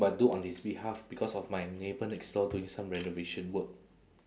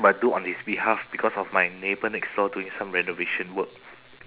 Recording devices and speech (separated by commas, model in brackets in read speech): standing microphone, telephone, conversation in separate rooms